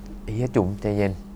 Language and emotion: Thai, frustrated